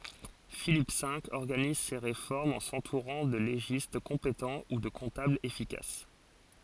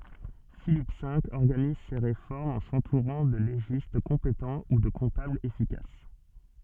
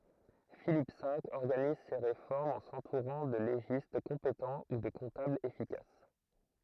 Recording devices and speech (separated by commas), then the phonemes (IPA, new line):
forehead accelerometer, soft in-ear microphone, throat microphone, read sentence
filip ve ɔʁɡaniz se ʁefɔʁmz ɑ̃ sɑ̃tuʁɑ̃ də leʒist kɔ̃petɑ̃ u də kɔ̃tablz efikas